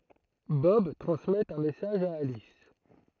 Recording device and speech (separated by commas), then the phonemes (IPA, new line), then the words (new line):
throat microphone, read sentence
bɔb tʁɑ̃smɛt œ̃ mɛsaʒ a alis
Bob transmet un message à Alice.